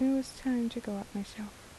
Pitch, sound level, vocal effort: 230 Hz, 75 dB SPL, soft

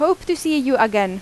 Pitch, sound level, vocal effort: 290 Hz, 87 dB SPL, loud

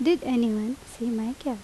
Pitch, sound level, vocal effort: 245 Hz, 80 dB SPL, normal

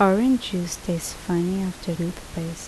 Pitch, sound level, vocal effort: 180 Hz, 75 dB SPL, soft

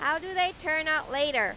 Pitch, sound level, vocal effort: 310 Hz, 98 dB SPL, very loud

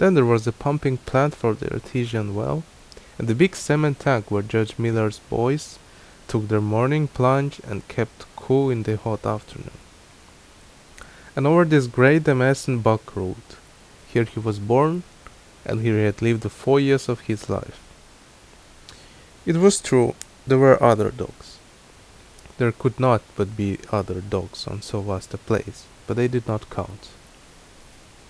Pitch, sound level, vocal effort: 115 Hz, 78 dB SPL, normal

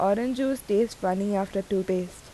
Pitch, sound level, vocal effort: 200 Hz, 82 dB SPL, normal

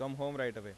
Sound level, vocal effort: 91 dB SPL, normal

